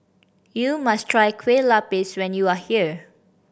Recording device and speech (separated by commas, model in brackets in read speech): boundary microphone (BM630), read sentence